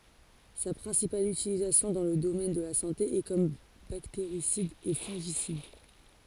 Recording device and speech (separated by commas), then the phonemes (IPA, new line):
forehead accelerometer, read sentence
sa pʁɛ̃sipal ytilizasjɔ̃ dɑ̃ lə domɛn də la sɑ̃te ɛ kɔm bakteʁisid e fɔ̃ʒisid